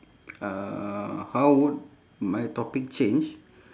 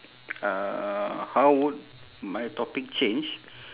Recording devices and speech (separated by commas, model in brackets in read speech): standing microphone, telephone, conversation in separate rooms